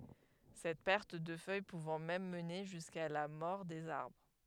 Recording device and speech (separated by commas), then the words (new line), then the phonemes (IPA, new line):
headset microphone, read sentence
Cette perte de feuille pouvant même mener jusqu'à la mort des arbres.
sɛt pɛʁt də fœj puvɑ̃ mɛm məne ʒyska la mɔʁ dez aʁbʁ